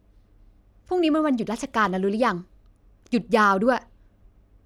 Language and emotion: Thai, frustrated